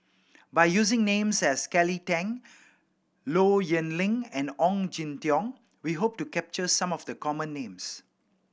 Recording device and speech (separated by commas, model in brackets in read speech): boundary microphone (BM630), read sentence